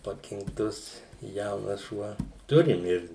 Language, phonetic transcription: Lithuanian, pakinkˈtus ˈjaunas ˈšuo ˈturim ˈir

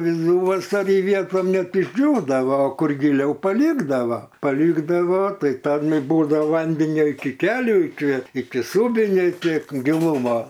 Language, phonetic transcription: Lithuanian, vidˈuvasary ˈvietom ˈnet išˈdžiūdavo o ˈkur giˈliau paˈlikdava paˈlikdavo ˈtai ˈton ˈbūdava ˈvandenio iki ˈkelių iki iki ˈsūbinei ˈtiek giˈlumo

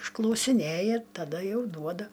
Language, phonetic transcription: Lithuanian, išklausiˈnėja taˈda ˈjau ˈduoda

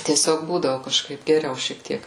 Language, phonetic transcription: Lithuanian, tieˈsiog ˈbūdavu kažˈkaip geˈriau šiek ˈtiek

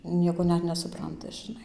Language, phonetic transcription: Lithuanian, ˈnieko ˈnet nesuˈpranta žiˈnai

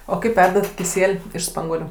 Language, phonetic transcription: Lithuanian, o ˈkaip ˈverdat kiˈsiel' iš ˈspanguoliu

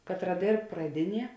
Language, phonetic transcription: Lithuanian, ˈkatˌra ˈdėrb praˈdiˌnie

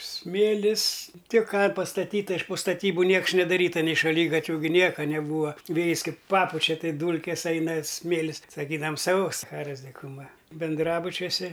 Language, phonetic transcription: Lithuanian, ˈsmėlis ˈtik ˈką pastaˈtyta iš po staˈtybu ˈnieks nedaˈryta nei šaˈlygatviu gi ˈnieka neˈbūa ˈvėjis ˈkaip ˈpapučia ˈtai ˈdūlkės ˈaina ˈsmėlis saˈkydavam sau saˈcharos dikuˈma binˈdrabučiuose

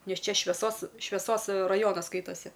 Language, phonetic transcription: Lithuanian, ˈnes ˈčia šveˈsos šveˈsos raˈjonas ˈskaitasi

